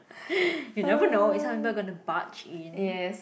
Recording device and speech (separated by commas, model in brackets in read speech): boundary microphone, conversation in the same room